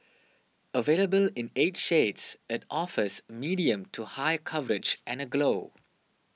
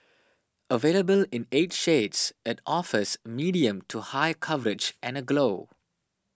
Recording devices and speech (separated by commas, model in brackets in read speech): mobile phone (iPhone 6), standing microphone (AKG C214), read sentence